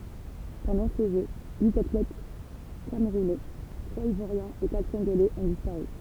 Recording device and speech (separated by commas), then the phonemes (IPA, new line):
temple vibration pickup, read sentence
pɑ̃dɑ̃ se ʒø yit atlɛt kamʁunɛ tʁwaz ivwaʁjɛ̃z e katʁ kɔ̃ɡolɛz ɔ̃ dispaʁy